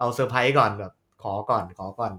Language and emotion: Thai, happy